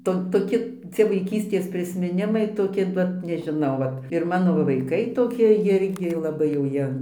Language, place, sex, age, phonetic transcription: Lithuanian, Dzūkija, female, 60+, ˈto toˈki ˈcie vaiˈkystės prismiˈnimai toˈki ˈvat nežiˈnau ˈvat ir ˈmano va vaiˈkai toˈki ˈjirgi laˈbai jau ˈjie

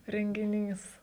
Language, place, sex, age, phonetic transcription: Lithuanian, Žemaitija, female, 18-60, rengiˈnys

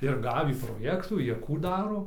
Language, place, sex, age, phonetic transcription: Lithuanian, Dzūkija, male, 18-60, ir ˈgavį proˈjektų ˈjie ˈkų ˈdaro

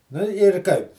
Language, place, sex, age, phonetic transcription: Lithuanian, Žemaitija, male, 60+, nu ir ˈkaip

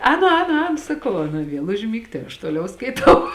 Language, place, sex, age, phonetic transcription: Lithuanian, Žemaitija, female, 18-60, ˈēnu ˈēnu ˈēnu saˈkau ˈaˌna ˈviel užˈmygt tai aš ˈtoliau skaiˈtau

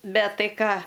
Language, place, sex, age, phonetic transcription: Lithuanian, Aukštaitija, female, 60+, ˈbet ˈtai ˈką

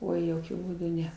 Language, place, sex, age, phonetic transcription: Lithuanian, Aukštaitija, female, 60+, ˈoi joˈkiu būˈdu ˈne

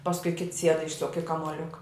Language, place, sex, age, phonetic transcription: Lithuanian, Žemaitija, female, 60+, pasˈkui kits sied ˈišsuk i kamuoˈliuka

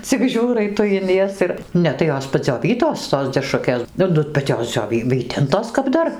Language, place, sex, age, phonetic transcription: Lithuanian, Dzūkija, female, 60+, cik ˈžiūrai ˈtu in ˈjas ir ˈne tai ˈjos padzioˈvytos tos deˈšrukės ˈnu ˈnu bet ˈjos dzioˈvy ˈvytintos kap ˈdar

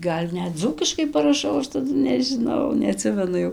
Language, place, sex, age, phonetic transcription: Lithuanian, Dzūkija, female, 18-60, ˈgal' ˈnet ˈdzūkiškai paraˈšau ˈaš taˈdu nežiˈnau neaˈtsimenu ˈjau

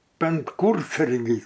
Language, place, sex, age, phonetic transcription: Lithuanian, Aukštaitija, male, 60+, penˈkūrsargys

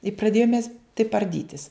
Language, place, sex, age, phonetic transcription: Lithuanian, Žemaitija, female, 60+, i praˈdėjum mes taip arˈdytis

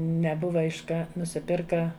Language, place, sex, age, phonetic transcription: Lithuanian, Žemaitija, female, 60+, neˈbuva iš ˈka nusiˈpirka

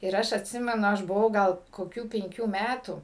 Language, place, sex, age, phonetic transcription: Lithuanian, Suvalkija, female, 60+, ir ˈaš atˈsimenu ˈaš buˈvau gal koˈkių penˈkių ˈmætų

